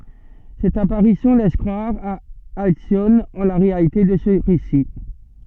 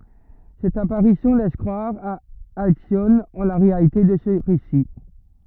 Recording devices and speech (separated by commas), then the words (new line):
soft in-ear microphone, rigid in-ear microphone, read sentence
Cette apparition laisse croire à Alcyone en la réalité de ce récit.